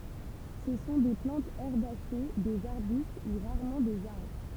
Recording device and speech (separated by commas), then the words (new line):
temple vibration pickup, read sentence
Ce sont des plantes herbacées, des arbustes ou rarement des arbres.